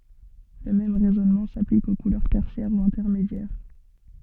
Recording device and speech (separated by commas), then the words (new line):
soft in-ear microphone, read sentence
Le même raisonnement s'applique aux couleurs tertiaires ou intermédiaires.